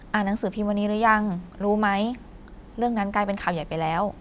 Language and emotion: Thai, neutral